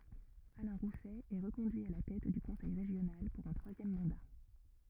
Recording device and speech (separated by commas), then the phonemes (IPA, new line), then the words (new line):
rigid in-ear microphone, read sentence
alɛ̃ ʁusɛ ɛ ʁəkɔ̃dyi a la tɛt dy kɔ̃sɛj ʁeʒjonal puʁ œ̃ tʁwazjɛm mɑ̃da
Alain Rousset est reconduit à la tête du conseil régional pour un troisième mandat.